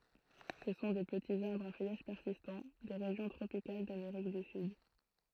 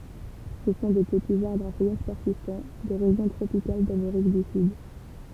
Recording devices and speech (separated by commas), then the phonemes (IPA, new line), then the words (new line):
throat microphone, temple vibration pickup, read sentence
sə sɔ̃ de pətiz aʁbʁz a fœjaʒ pɛʁsistɑ̃ de ʁeʒjɔ̃ tʁopikal dameʁik dy syd
Ce sont des petits arbres à feuillage persistant, des régions tropicales d'Amérique du Sud.